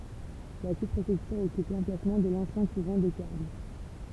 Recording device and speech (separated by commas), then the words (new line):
temple vibration pickup, read sentence
La sous-préfecture occupe l'emplacement de l'ancien couvent des Carmes.